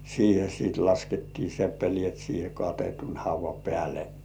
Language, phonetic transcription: Finnish, 'siihe siit 'laskettii "seppelĭèt siihe katetun "hauv̆va 'pĕä̀le .
- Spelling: siihen sitten laskettiin seppeleet siihen katetun haudan päälle

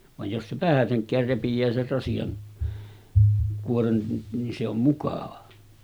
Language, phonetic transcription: Finnish, vaj jos se 'vähäseŋk̆käär 'repij̆jää ser rasijan , 'kuoren ni se ‿om mukàva .
- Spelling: vaan jos se vähäsenkään repeää sen rasian kuoren niin se on mukava

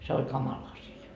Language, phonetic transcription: Finnish, se oĺ 'kamala asja .
- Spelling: se oli kamala asia

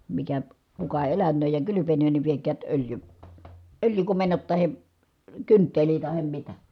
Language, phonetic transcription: Finnish, mikä , kuka elän̆nööj ja kylypenöön ni viekäät öljy- , öljykomennot tahe , kyntteli tahem mitä » .
- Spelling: mikä kuka elänee ja kylpenee niin viekää - öljykomennot tai kynttilä tai mitä

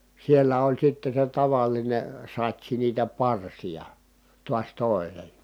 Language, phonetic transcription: Finnish, siellä oĺ sitte se tavaline , sat́si niitä parsija , tuas tòi̮nen̬ .
- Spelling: siellä oli sitten se tavallinen satsi niitä parsia taas toinen

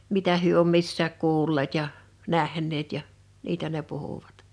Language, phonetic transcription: Finnish, 'mitä hyö om 'missääk 'kuulleet ja , 'näh̀ǹeet ja , 'niitä ne 'puhuᴠᴀt .
- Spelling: mitä he on missäkin kuulleet ja nähneet ja niitä ne puhuivat

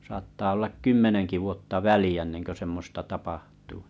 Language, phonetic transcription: Finnish, saattaa ollak 'kymmeneŋki vuotta "väli₍ä ᵉⁿnenkö 'semmosta 'tapahtuu .
- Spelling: saattaa olla kymmenenkin vuotta väliä ennen kuin semmoista tapahtuu

